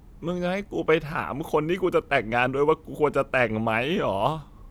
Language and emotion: Thai, sad